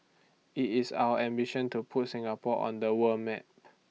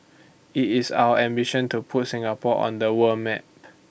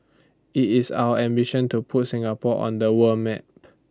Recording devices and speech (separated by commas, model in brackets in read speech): mobile phone (iPhone 6), boundary microphone (BM630), standing microphone (AKG C214), read sentence